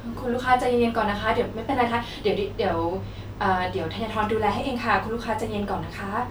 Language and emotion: Thai, neutral